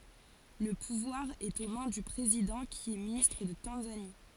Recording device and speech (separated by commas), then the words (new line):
forehead accelerometer, read sentence
Le pouvoir est aux mains du président qui est ministre de Tanzanie.